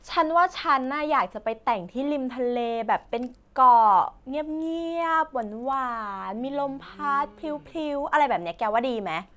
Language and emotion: Thai, happy